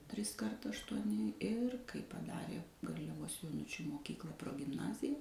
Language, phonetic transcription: Lithuanian, ˈtriskart aštuoˈni ir kai paˈdarė garliaˈvos joˈnučių moˈkykla progimˈnazija

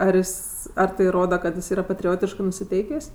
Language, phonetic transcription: Lithuanian, ar ˈjis ar tai ˈroda kad jis ˈyra patriˈotiškɜ nusiˈteikės'

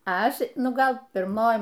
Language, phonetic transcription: Lithuanian, ˈaš ˈnu ˈgal pirˈmoj

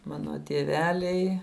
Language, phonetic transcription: Lithuanian, ˈmano tieˈveliai

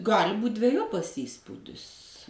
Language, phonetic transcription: Lithuanian, ˈgali būt' dveˈjopas ˈįspūdis

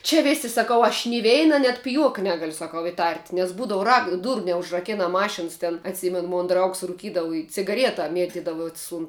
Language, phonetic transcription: Lithuanian, čia ˈvėsi saˈkau aš ni ˈveina net piˈjuoka ˈnegaliu saˈkau iˈtart' nes ˈbūdav rak ˈdūru neužraˈkena ˈmašins ten atˈsimen ˈmon ˈdraugs ruˈkydavu i cigaˈrieta ˈmietidavus un

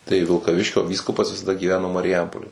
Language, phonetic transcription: Lithuanian, tai vilkaˈviškio ˈvyskupas visaˈda gyˈveno mariˈjampolė

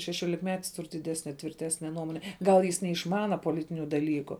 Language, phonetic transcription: Lithuanian, šešiolikˈmetis ˈtur diˈdesne tvirˈtesne ˈnuomone ˈgal jis neišˈmana poˈlitiniu daˈlyku

